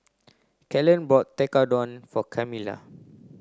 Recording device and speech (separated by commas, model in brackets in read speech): close-talking microphone (WH30), read sentence